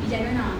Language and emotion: Thai, neutral